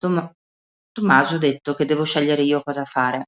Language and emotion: Italian, neutral